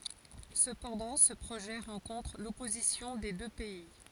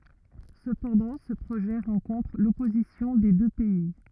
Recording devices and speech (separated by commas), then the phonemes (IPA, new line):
forehead accelerometer, rigid in-ear microphone, read sentence
səpɑ̃dɑ̃ sə pʁoʒɛ ʁɑ̃kɔ̃tʁ lɔpozisjɔ̃ de dø pɛi